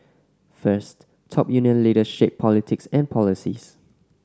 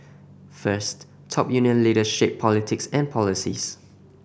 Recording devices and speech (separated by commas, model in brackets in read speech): standing microphone (AKG C214), boundary microphone (BM630), read sentence